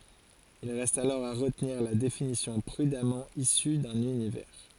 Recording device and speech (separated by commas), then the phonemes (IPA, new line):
forehead accelerometer, read sentence
il ʁɛst alɔʁ a ʁətniʁ la definisjɔ̃ pʁydamɑ̃ isy dœ̃n ynivɛʁ